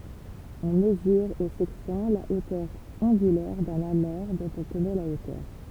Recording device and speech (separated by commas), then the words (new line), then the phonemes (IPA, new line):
temple vibration pickup, read sentence
On mesure au sextant la hauteur angulaire d’un amer dont on connaît la hauteur.
ɔ̃ məzyʁ o sɛkstɑ̃ la otœʁ ɑ̃ɡylɛʁ dœ̃n ame dɔ̃t ɔ̃ kɔnɛ la otœʁ